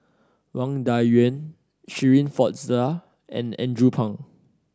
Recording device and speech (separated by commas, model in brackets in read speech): standing microphone (AKG C214), read sentence